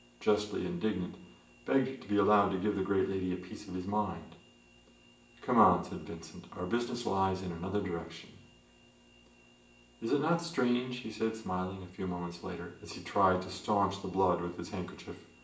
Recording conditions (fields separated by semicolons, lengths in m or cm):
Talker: one person; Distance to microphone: 1.8 m; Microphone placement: close; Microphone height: 1.0 m; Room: large; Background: none